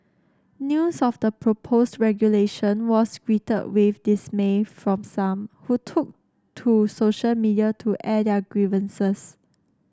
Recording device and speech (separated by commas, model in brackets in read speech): standing microphone (AKG C214), read sentence